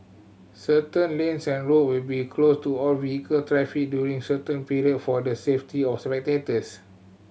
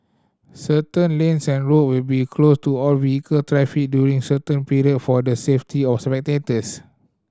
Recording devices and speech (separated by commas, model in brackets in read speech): mobile phone (Samsung C7100), standing microphone (AKG C214), read sentence